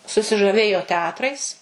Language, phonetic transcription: Lithuanian, susižaˈvėjo teˈatrais

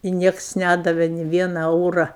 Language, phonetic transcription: Lithuanian, i ˈnieks ˈnædave ni ˈviena ˈeura

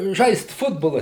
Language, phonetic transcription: Lithuanian, ˈžaist ˈfutbola

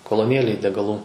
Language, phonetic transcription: Lithuanian, koloˈnėlėj degaˈlų

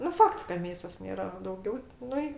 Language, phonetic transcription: Lithuanian, nu ˈfakts ka ˈmėsos ˈnėra a dauˈgiau ˈnu i

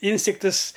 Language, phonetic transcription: Lithuanian, ˈinstiktɨs

